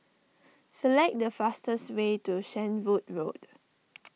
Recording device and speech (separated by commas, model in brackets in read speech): mobile phone (iPhone 6), read sentence